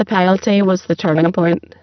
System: VC, spectral filtering